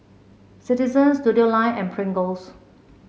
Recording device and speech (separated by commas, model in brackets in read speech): mobile phone (Samsung C7), read sentence